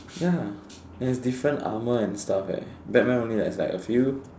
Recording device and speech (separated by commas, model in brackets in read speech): standing microphone, conversation in separate rooms